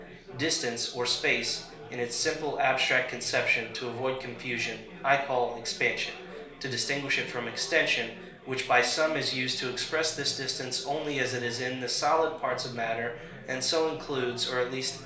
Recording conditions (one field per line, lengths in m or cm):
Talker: one person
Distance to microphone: 1.0 m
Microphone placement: close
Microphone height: 1.1 m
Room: small (3.7 m by 2.7 m)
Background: babble